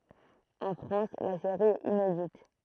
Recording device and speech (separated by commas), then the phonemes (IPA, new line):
throat microphone, read sentence
ɑ̃ fʁɑ̃s la seʁi ɛt inedit